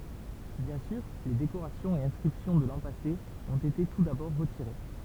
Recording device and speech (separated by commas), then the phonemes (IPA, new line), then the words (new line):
temple vibration pickup, read sentence
bjɛ̃ syʁ le dekoʁasjɔ̃z e ɛ̃skʁipsjɔ̃ də lɑ̃ pase ɔ̃t ete tu dabɔʁ ʁətiʁe
Bien sûr, les décorations et inscriptions de l’an passé ont été tout d’abord retirées.